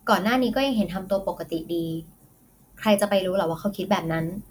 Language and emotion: Thai, neutral